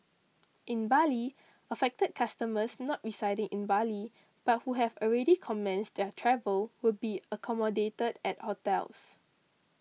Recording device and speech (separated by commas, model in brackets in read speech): mobile phone (iPhone 6), read sentence